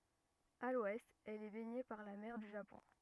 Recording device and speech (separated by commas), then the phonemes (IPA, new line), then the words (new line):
rigid in-ear microphone, read sentence
a lwɛst ɛl ɛ bɛɲe paʁ la mɛʁ dy ʒapɔ̃
À l’ouest, elle est baignée par la mer du Japon.